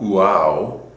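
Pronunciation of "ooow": This is an incorrect way to say 'wow': it begins with an oo sound, the way it is said in Greek, not with an English W.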